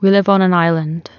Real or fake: real